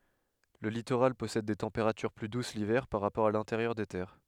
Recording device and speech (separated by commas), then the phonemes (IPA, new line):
headset microphone, read sentence
lə litoʁal pɔsɛd de tɑ̃peʁatyʁ ply dus livɛʁ paʁ ʁapɔʁ a lɛ̃teʁjœʁ de tɛʁ